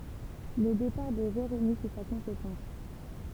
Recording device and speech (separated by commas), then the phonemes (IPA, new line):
temple vibration pickup, read sentence
lə depaʁ də beʁenis ɛ sa kɔ̃sekɑ̃s